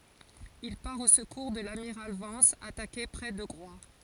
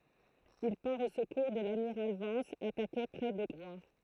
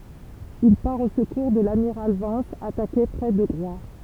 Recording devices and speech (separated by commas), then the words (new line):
forehead accelerometer, throat microphone, temple vibration pickup, read sentence
Il part au secours de l'amiral Vence, attaqué près de Groix.